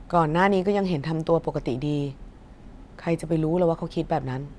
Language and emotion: Thai, neutral